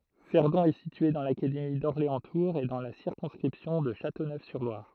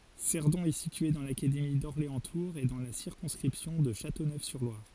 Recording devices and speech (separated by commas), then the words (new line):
throat microphone, forehead accelerometer, read sentence
Cerdon est située dans l'académie d'Orléans-Tours et dans la circonscription de Châteauneuf-sur-Loire.